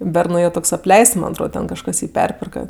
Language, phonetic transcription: Lithuanian, ˈbernu jau ˈtoks apˈleists man' atˈrod ˈten kažˈkas ˈjį ˈperpirka

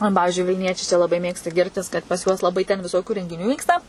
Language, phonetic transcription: Lithuanian, o ˈpavižiui vilˈniečiai čia ˈlabai ˈmėgsta ˈgirtis kad pas ˈjuos laˈbai ten viˈsokiu rengiˈnių ˈvyksta

